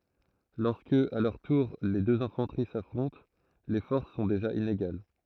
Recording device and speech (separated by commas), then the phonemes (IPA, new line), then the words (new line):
throat microphone, read sentence
lɔʁskə a lœʁ tuʁ le døz ɛ̃fɑ̃təʁi safʁɔ̃t le fɔʁs sɔ̃ deʒa ineɡal
Lorsque, à leur tour, les deux infanteries s'affrontent, les forces sont déjà inégales.